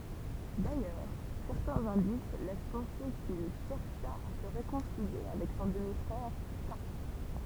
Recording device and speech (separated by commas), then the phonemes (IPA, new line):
temple vibration pickup, read sentence
dajœʁ sɛʁtɛ̃z ɛ̃dis lɛs pɑ̃se kil ʃɛʁʃa a sə ʁekɔ̃silje avɛk sɔ̃ dəmi fʁɛʁ ka